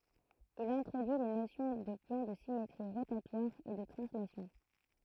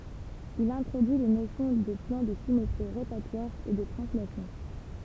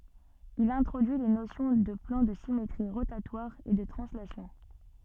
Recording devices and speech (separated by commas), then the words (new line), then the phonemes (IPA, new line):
throat microphone, temple vibration pickup, soft in-ear microphone, read sentence
Il introduit les notions de plans de symétries rotatoires et de translation.
il ɛ̃tʁodyi le nosjɔ̃ də plɑ̃ də simetʁi ʁotatwaʁz e də tʁɑ̃slasjɔ̃